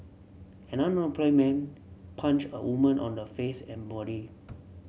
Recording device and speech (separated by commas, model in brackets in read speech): mobile phone (Samsung C7), read sentence